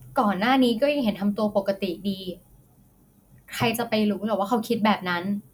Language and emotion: Thai, neutral